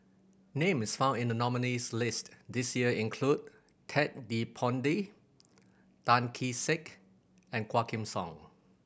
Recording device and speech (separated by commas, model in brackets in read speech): boundary microphone (BM630), read sentence